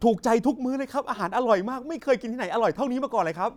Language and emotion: Thai, happy